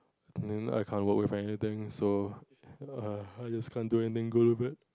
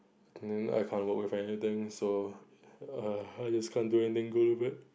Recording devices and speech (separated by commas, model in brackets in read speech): close-talking microphone, boundary microphone, conversation in the same room